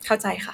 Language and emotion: Thai, neutral